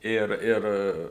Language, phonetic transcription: Lithuanian, ˈir ˈir

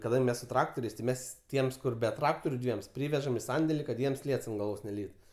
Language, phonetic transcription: Lithuanian, kaˈdang' ˈmes su ˈtraktoriais ti ˈmes ˈtiems ˈkur be ˈtraktoriu ˈdviems ˈpryvežam i ˈsandeli kad ˈjiems ˈliets ant galˈvos neˈlytu

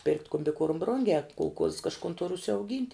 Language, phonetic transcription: Lithuanian, pirkt' kumbiˈkuorm ˈbrungiā kulˈkuozs kažˈkun tur užsiauˈgynt'

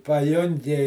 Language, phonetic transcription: Lithuanian, paˈjungi

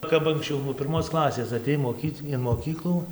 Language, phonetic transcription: Lithuanian, ˈkap anksˈčiau nuo pirˈmos ˈklasės aˈtėj moˈkyt in moˈkyklų

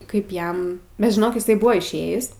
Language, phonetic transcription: Lithuanian, ˈkaip ˈjam bet žiˈnok iˈsai ˈbuvo išˈėjis

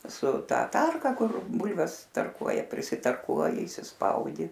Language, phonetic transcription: Lithuanian, su ˈta ˈtarka ˈkur ˈbulves tarˈkuoja prisitarˈkuoji įsisˈpaudi

